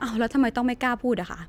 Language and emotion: Thai, frustrated